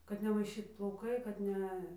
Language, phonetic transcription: Lithuanian, kad nemaiˈšyt plauˈkai kad ˈne

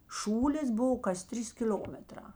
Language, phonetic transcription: Lithuanian, ˈšūlės ˈbuvo kas ˈtrys kiˈl'omeˌtrā

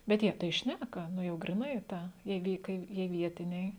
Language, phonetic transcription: Lithuanian, bet ˈjie tai ˈšnæka ˈnu jau griˈnai ˈta jie ˈvi kai ˈjie ˈvietiniai

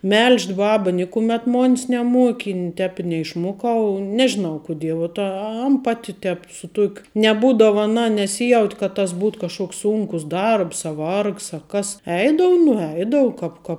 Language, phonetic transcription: Lithuanian, ˈmel'ž't ˈbaba ˈnikumet ˈmon's neˈmuoki i ˈtēp i neišˈmuokau ˈnežinau kuˈdie vuot a ˈan ˈpati ˈtep su ˈtuokiu neˈbūdava aˈna neˈsyjaut' kad tas ˈbūto ˈkažkoks ˈsunkus ˈdarbs a ˈvargs a ˈkas ˈeidavu nuˈeidavu kap ka

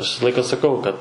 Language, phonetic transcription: Lithuanian, aš ˈvisa ˈlaika saˈkau kad

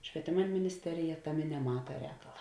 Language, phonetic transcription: Lithuanian, švieˈtėma minisˈterija ˈtaˌmė neˈmata ˈrēkala

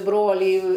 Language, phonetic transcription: Lithuanian, ˈbrolį

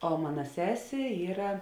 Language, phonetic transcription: Lithuanian, o ˈmana ˈsesė ˈyra

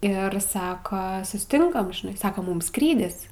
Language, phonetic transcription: Lithuanian, ˈir ˈsaka susiˈtinkam žiˈnai ˈsaks ˈmum ˈskrydis

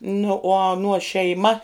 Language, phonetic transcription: Lithuanian, nu uo aˈnuo šeiˈma

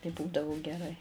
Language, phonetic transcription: Lithuanian, tai ˈbūdavu geˈrai

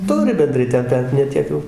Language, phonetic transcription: Lithuanian, ˈturi benˈdrai ˈten ˈbet ne ˈtiek jau

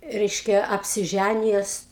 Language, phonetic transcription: Lithuanian, ˈreiškia apsiˈžænijes

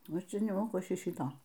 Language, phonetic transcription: Lithuanian, ˈnu ˈčia neˈmoku ˈaš ˈšy ˈšyto

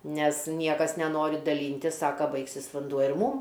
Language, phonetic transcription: Lithuanian, ˈnes ˈniekas neˈnori daˈlyntis ˈsaka ˈbaigsis vanˈduo ir ˈmūm

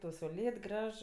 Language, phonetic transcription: Lithuanian, tau sauˈlėt ˈgraž

